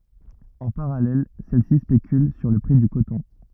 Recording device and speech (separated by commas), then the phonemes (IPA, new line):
rigid in-ear microphone, read sentence
ɑ̃ paʁalɛl sɛl si spekyl syʁ lə pʁi dy kotɔ̃